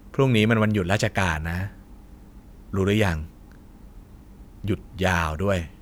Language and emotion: Thai, frustrated